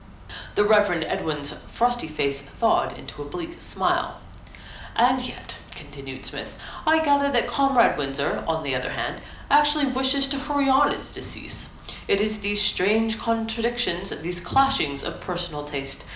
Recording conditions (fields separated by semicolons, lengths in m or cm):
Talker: one person; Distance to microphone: 2.0 m; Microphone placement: close; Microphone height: 99 cm; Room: medium-sized (5.7 m by 4.0 m); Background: none